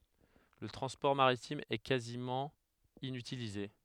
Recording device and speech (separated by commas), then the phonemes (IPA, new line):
headset microphone, read sentence
lə tʁɑ̃spɔʁ maʁitim ɛ kazimɑ̃ inytilize